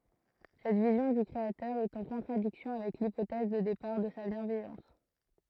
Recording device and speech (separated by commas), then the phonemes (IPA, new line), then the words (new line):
throat microphone, read sentence
sɛt vizjɔ̃ dy kʁeatœʁ ɛt ɑ̃ kɔ̃tʁadiksjɔ̃ avɛk lipotɛz də depaʁ də sa bjɛ̃vɛjɑ̃s
Cette vision du Créateur est en contradiction avec l'hypothèse de départ de sa bienveillance.